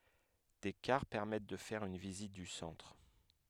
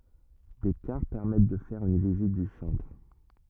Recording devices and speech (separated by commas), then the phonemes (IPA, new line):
headset microphone, rigid in-ear microphone, read sentence
de kaʁ pɛʁmɛt də fɛʁ yn vizit dy sɑ̃tʁ